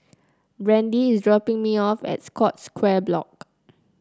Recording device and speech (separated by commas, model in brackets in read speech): close-talking microphone (WH30), read sentence